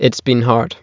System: none